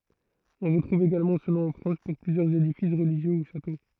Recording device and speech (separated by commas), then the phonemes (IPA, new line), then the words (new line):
throat microphone, read sentence
ɔ̃ ʁətʁuv eɡalmɑ̃ sə nɔ̃ ɑ̃ fʁɑ̃s puʁ plyzjœʁz edifis ʁəliʒjø u ʃato
On retrouve également ce nom en France pour plusieurs édifices religieux ou châteaux.